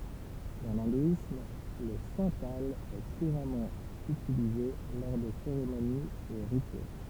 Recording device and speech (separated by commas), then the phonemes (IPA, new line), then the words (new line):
temple vibration pickup, read sentence
dɑ̃ lɛ̃dwism lə sɑ̃tal ɛ kuʁamɑ̃ ytilize lɔʁ de seʁemoniz e ʁityɛl
Dans l’hindouisme, le santal est couramment utilisé lors des cérémonies et rituels.